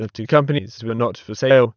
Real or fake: fake